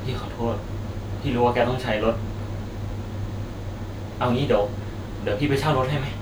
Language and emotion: Thai, sad